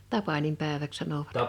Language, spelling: Finnish, tapaninpäiväksi sanoivat
- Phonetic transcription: 'tapanimpä̀eväk̳ 'sanovat .

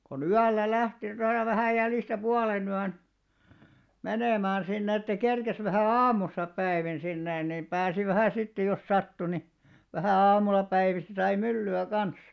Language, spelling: Finnish, kun yöllä lähti noin jo vähän jäljestä puolenyön menemään sinne että kerkesi vähän aamussa päivin sinne niin pääsi vähän sitten jos sattui niin vähän aamulla päivistä sai myllyä kanssa
- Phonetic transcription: ko'n ‿yällä 'lähti , noij jo 'vähä̀ jäljistä 'puolenyän , 'menèmään sinnᵉ että 'kerkes vähä̀ "aamussa 'päivin sinnè nim 'pääsi vähä̀ 'sittej jos 'sattu ni , vähä̀ 'aamulla päivistä 'sai mylly₍ä 'kan̬s .

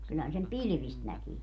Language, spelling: Finnish, kyllähän sen pilvistä näkee
- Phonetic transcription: kylhän sem "pilⁱvist 'näkii .

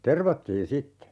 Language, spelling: Finnish, tervattiin sitten
- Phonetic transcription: "tervattiin 'sitte .

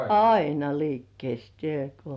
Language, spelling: Finnish, aina liikkeessä tämä kun
- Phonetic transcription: aina 'liikkiès (tĕä̀ ko) .

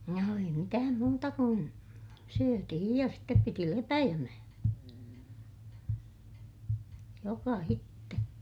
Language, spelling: Finnish, no ei mitään muuta kuin syötiin ja sitten piti lepäämän jokaisen
- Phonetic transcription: no ei mitääm muuta kun , syötihij ja step piti lepäjämä , jokahitte .

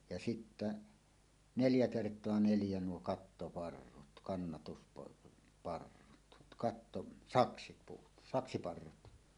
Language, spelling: Finnish, ja sitten neljä kertaa neljä nuo kattoparrut - kannatusparrut katto saksipuut saksiparrut
- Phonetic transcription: ja 'sittä , "neljä 'kert̀oa "neljä 'nuo "kattoparrut , 'kannatuspar- '-parrut 'katto- , "saksipuut , "saksiparrut .

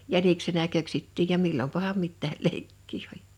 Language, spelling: Finnish, jäniksenä köksittiin ja milloinpahan mitäkin leikkiä oli
- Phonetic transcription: 'jäniksenä 'köksittiij ja 'millompaham 'mittääl "leikkii oĺ .

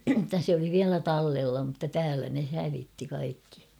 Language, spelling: Finnish, että se oli vielä tallella mutta täällä ne hävitti kaikki
- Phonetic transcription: [et]tä sᵉ ‿oli viälä 'tallella mutta 'täälä ne 'hävitti kaikki .

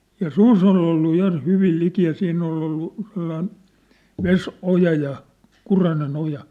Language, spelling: Finnish, ja susi oli ollut ja hyvin liki ja siinä oli ollut sellainen vesioja ja kurainen oja
- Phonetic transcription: ja "sus ‿ol ‿ollu ja 'hyvil 'liki ja 'siin ‿ol̀ ‿ollu , 'sellain , "ves₍'oja ja , 'kurane'n ‿oja .

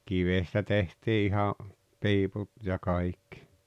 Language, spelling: Finnish, kivestä tehtiin ihan piiput ja kaikki
- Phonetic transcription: kivestä 'tehtii iha , "piiput ja 'kaikkɪ .

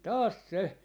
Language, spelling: Finnish, taas se
- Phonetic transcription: "taas "se ,.

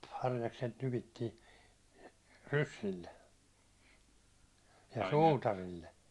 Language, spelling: Finnish, harjakset nypittiin ryssille ja suutarille
- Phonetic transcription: harjakset 'nypittiin , "ryssille , ja "suutarille .

